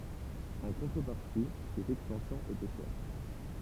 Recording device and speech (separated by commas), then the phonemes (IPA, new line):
temple vibration pickup, read sentence
ɑ̃ kɔ̃tʁəpaʁti sez ɛkstɑ̃sjɔ̃z etɛ ʃɛʁ